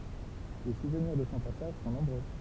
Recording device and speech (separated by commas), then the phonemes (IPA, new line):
temple vibration pickup, read sentence
le suvniʁ də sɔ̃ pasaʒ sɔ̃ nɔ̃bʁø